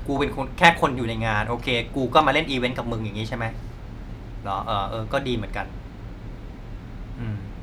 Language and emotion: Thai, frustrated